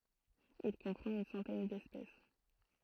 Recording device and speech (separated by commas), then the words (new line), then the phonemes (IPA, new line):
throat microphone, read sentence
Il comprend une centaine d'espèces.
il kɔ̃pʁɑ̃t yn sɑ̃tɛn dɛspɛs